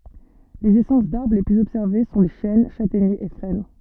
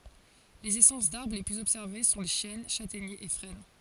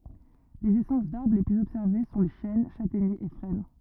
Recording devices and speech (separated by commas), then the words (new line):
soft in-ear microphone, forehead accelerometer, rigid in-ear microphone, read sentence
Les essences d’arbres les plus observées sont les chênes, châtaigniers et frênes.